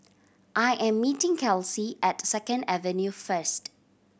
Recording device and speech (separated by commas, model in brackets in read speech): boundary microphone (BM630), read sentence